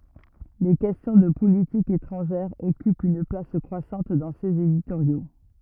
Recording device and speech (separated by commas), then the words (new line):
rigid in-ear microphone, read sentence
Les questions de politique étrangère occupent une place croissante dans ses éditoriaux.